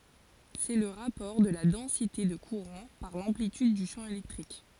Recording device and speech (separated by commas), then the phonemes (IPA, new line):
forehead accelerometer, read sentence
sɛ lə ʁapɔʁ də la dɑ̃site də kuʁɑ̃ paʁ lɑ̃plityd dy ʃɑ̃ elɛktʁik